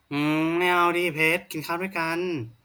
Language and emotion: Thai, frustrated